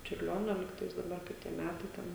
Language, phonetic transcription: Lithuanian, čiurˈlionio ˈlygtais daˈbar kai ˈtie ˈmætai ˈten

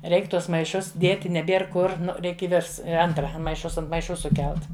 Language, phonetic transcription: Lithuanian, ˈreik ˈtuos maiˈšus ˈdėti neˈbėr ˈkur ˈnu ˈreik i ˈvirs ˈantra maiˈšus ant maiˈšu suˈkelt

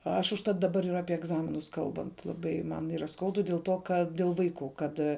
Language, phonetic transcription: Lithuanian, ˈaš užˈtat daˈbar ir ˈapie egˈzaminus ˈkalbant laˈbai ˈman ˈyra ˈskaudu dėl ˈto kad dėl ˈvaiˌkų ˈkad

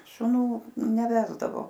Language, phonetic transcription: Lithuanian, šuˈnų neˈvesdavo

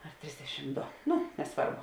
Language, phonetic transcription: Lithuanian, ar ˈtrisdešim ˈdo ˈnu neˈsvarbu

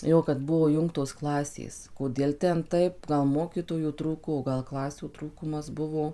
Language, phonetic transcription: Lithuanian, ˈjo kad ˈbuvo ˈjungtos ˈklasės koˈdiel ˈten ˈtaip ˈgal ˈmokytojų ˈtrūko o ˈgal ˈklasių ˈtrūkumas ˈbuvo

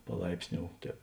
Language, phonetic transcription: Lithuanian, paˈlaipsˌniou ˈtēp

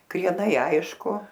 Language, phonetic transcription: Lithuanian, krieˈnai ˈaišku

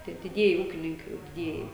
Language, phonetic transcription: Lithuanian, ˈtie diˈdieji ˈūkininkai jau diˈdieji

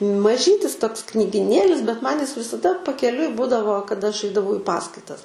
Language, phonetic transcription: Lithuanian, maˈžytis ˈtoks knygiˈnėlis bet man jis visaˈda pakeˈliui ˈbudavo kaˈda aš ˈaidavau i ˈpaskaitas

